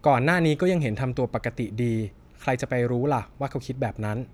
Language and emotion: Thai, frustrated